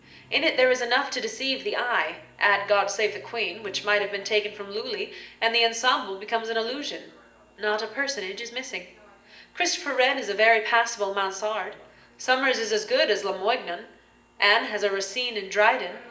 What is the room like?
A spacious room.